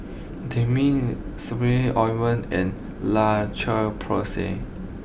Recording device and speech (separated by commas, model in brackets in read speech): boundary microphone (BM630), read sentence